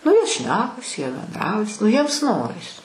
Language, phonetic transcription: Lithuanian, ˈnu jie ˈšnekas jie benˈdraujas ˈnu jiems ˈnoris

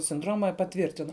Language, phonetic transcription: Lithuanian, sinˈdroma paˈtvyrtino

